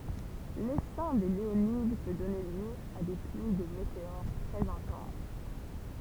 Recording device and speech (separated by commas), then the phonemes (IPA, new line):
temple vibration pickup, read sentence
lesɛ̃ de leonid pø dɔne ljø a de plyi də meteoʁ tʁɛz ɛ̃tɑ̃s